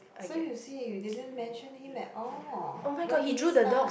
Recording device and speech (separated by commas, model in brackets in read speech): boundary microphone, conversation in the same room